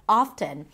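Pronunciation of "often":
'Often' is pronounced with the T sounded, and this is not wrong.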